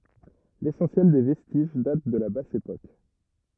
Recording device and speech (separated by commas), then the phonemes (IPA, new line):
rigid in-ear microphone, read sentence
lesɑ̃sjɛl de vɛstiʒ dat də la bas epok